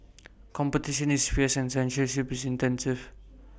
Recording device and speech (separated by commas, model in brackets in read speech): boundary microphone (BM630), read sentence